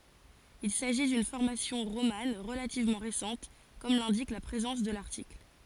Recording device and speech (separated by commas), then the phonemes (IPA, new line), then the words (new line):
forehead accelerometer, read sentence
il saʒi dyn fɔʁmasjɔ̃ ʁoman ʁəlativmɑ̃ ʁesɑ̃t kɔm lɛ̃dik la pʁezɑ̃s də laʁtikl
Il s'agit d'une formation romane relativement récente comme l'indique la présence de l'article.